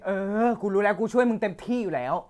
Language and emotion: Thai, frustrated